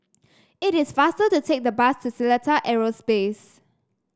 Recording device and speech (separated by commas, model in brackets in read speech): standing microphone (AKG C214), read sentence